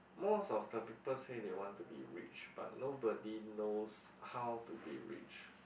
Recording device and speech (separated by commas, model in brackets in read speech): boundary microphone, conversation in the same room